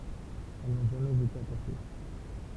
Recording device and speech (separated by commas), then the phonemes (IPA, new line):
temple vibration pickup, read sentence
ɛl nɔ̃ ʒamɛz ete apɔʁte